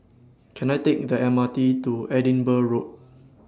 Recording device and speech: standing microphone (AKG C214), read sentence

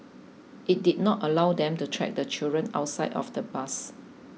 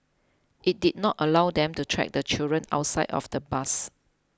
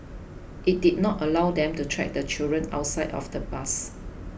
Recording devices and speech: mobile phone (iPhone 6), close-talking microphone (WH20), boundary microphone (BM630), read sentence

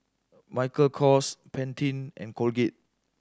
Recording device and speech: standing microphone (AKG C214), read sentence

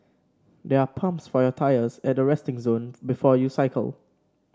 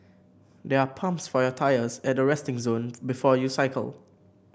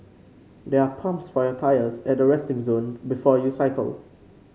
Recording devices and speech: standing microphone (AKG C214), boundary microphone (BM630), mobile phone (Samsung C5), read sentence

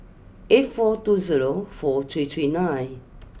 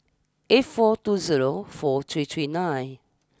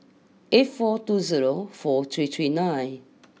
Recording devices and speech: boundary microphone (BM630), standing microphone (AKG C214), mobile phone (iPhone 6), read sentence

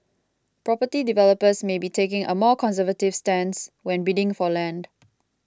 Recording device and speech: close-talking microphone (WH20), read sentence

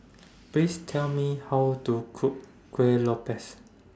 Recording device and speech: standing microphone (AKG C214), read sentence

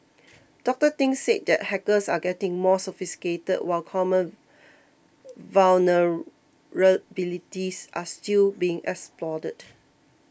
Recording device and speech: boundary microphone (BM630), read sentence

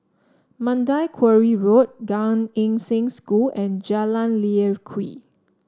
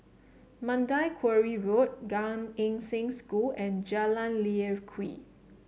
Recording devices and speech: standing microphone (AKG C214), mobile phone (Samsung C7), read sentence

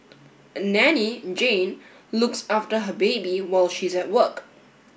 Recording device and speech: boundary microphone (BM630), read sentence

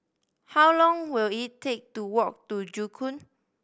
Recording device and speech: boundary microphone (BM630), read sentence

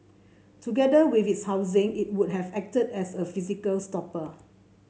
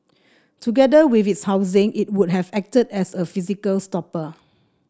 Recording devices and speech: mobile phone (Samsung C7), standing microphone (AKG C214), read sentence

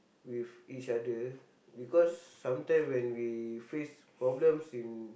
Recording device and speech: boundary microphone, conversation in the same room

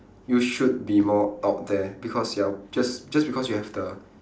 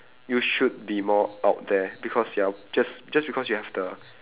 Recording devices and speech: standing microphone, telephone, conversation in separate rooms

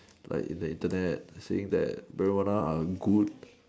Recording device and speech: standing microphone, conversation in separate rooms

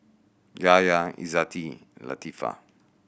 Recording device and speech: boundary microphone (BM630), read sentence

